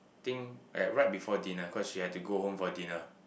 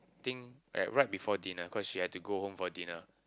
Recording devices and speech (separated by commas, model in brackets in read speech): boundary microphone, close-talking microphone, conversation in the same room